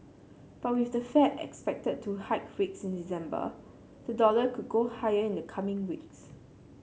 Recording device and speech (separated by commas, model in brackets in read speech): mobile phone (Samsung C7), read sentence